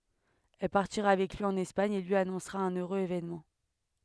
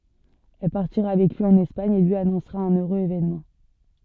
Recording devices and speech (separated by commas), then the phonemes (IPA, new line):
headset microphone, soft in-ear microphone, read sentence
ɛl paʁtiʁa avɛk lyi ɑ̃n ɛspaɲ e lyi anɔ̃sʁa œ̃n øʁøz evenmɑ̃